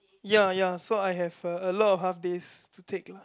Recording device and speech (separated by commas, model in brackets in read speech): close-talking microphone, conversation in the same room